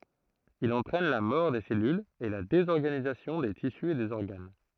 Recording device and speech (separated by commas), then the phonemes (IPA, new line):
throat microphone, read sentence
il ɑ̃tʁɛn la mɔʁ de sɛlylz e la dezɔʁɡanizasjɔ̃ de tisy e dez ɔʁɡan